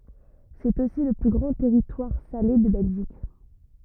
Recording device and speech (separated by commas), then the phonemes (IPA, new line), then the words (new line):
rigid in-ear microphone, read sentence
sɛt osi lə ply ɡʁɑ̃ tɛʁitwaʁ sale də bɛlʒik
C’est aussi le plus grand territoire salé de Belgique.